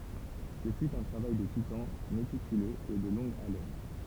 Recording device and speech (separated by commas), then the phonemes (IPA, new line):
temple vibration pickup, read sentence
sə fy œ̃ tʁavaj də titɑ̃ metikyløz e də lɔ̃ɡ alɛn